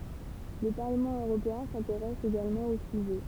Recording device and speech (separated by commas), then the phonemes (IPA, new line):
temple vibration pickup, read sentence
lə paʁləmɑ̃ øʁopeɛ̃ sɛ̃teʁɛs eɡalmɑ̃ o syʒɛ